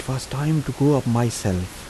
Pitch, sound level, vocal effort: 130 Hz, 78 dB SPL, soft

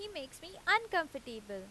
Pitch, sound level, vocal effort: 295 Hz, 90 dB SPL, loud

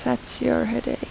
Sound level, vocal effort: 81 dB SPL, soft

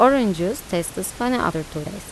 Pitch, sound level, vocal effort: 195 Hz, 84 dB SPL, normal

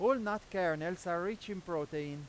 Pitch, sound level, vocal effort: 175 Hz, 97 dB SPL, very loud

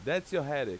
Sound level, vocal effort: 94 dB SPL, very loud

